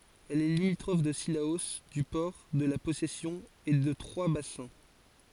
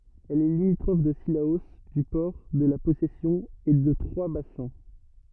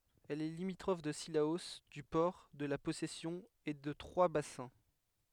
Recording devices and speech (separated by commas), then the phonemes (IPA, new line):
forehead accelerometer, rigid in-ear microphone, headset microphone, read sentence
ɛl ɛ limitʁɔf də silao dy pɔʁ də la pɔsɛsjɔ̃ e də tʁwazbasɛ̃